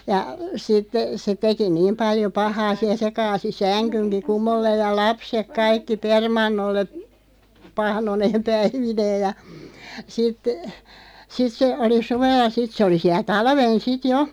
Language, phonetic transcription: Finnish, ja , 'sittᴇ , se 'teki "niim 'paljo 'pahaa siä 'se kaasi "säŋkyŋki "kumolleej ja 'lapsek 'kaikki "permannolle , 'pahnoneem "päivineeʲ ja , 'sit , 'sit se , 'oli 'suvel̆la "sit se oli 'siäˡ 'talven 'sit "jo ,.
- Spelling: ja sitten se teki niin paljon pahaa siellä se kaatoi sängynkin kumolleen ja lapset kaikki permannolle pahnoineen päivineen ja sitten sitten se oli suvella sitten se oli siellä talven sitten jo

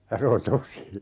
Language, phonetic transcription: Finnish, ja 'se on "tosi .
- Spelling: ja se on tosi

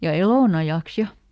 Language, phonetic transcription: Finnish, ja "elònajàks "ja !
- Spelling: ja elonajaksi ja

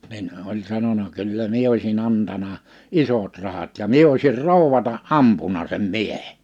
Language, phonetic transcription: Finnish, 'nin , oĺ 'sanona » 'kyllä 'mie oisi'n ‿antana , "’isot 'rahat ja 'mie oisir "ròuwwata '’ampuna sem 'miehe’ .
- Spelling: niin oli sanonut kyllä minä olisin antanut isot rahat ja minä olisin rouvana ampunut sen miehen

